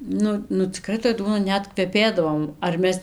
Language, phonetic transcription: Lithuanian, ˈnu nu ciˈkrai toj ˈduona ˈnet kveˈpėdavo ar ˈmes

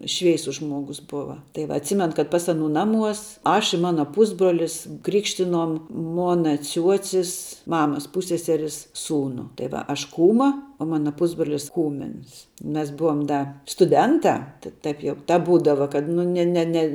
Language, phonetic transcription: Lithuanian, ˈšveisus ˈžmuogus ˈbuva tai ˈva atˈsymen kad ˈpas aˈnū ˈnaˌmuos ˈaš i ˈmana ˈpusbruolis ˈkrikštinom ˈmona ˈciuocis ˈmamas ˈpūsseseris ˈsūnu tai ˈva aš ˈkūma o ˈmana ˈpusbrolis ˈkūmins ˈmes ˈbuvom ˈda stuˈdentā ta ˈtaip jau ˈtap ˈbūdava kad ˈnu ne ne ˈne

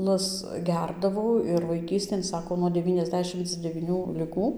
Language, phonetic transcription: Lithuanian, las ˈgerdavau ir vaiˈkystėn ˈsako nuo deˌvyniasˈdešimc devyˈnių liˈgų

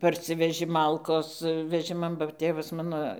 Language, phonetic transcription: Lithuanian, parˈsiveži ˈmalkos veˈžiman ba ˈtėvas ˈmano

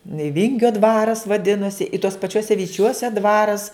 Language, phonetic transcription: Lithuanian, i ˈvingio ˈdvaras vaˈdinosi i tuos paˈčiuose viˈčiuose ˈdvaras

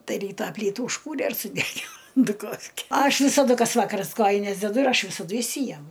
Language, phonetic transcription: Lithuanian, ˈtai ˈrytą ˈplytų užˈkūre ir suˈdegino duˈkofke ˈaš visaˈdu ˈkas ˈvakaras ˈkojines deˈdu ir ˈaš visaˈdu išˈsyjemu

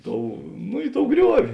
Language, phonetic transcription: Lithuanian, ˈtou nu ˈi ˌtou ˈgriuovi

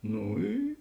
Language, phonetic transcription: Lithuanian, ˈnu ˈy

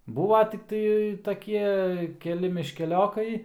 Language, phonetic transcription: Lithuanian, ˈbūva tikˈtai taˈkie keˈli miškeˈliokai

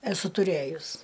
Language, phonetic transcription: Lithuanian, eˈsu tuˈrėjus

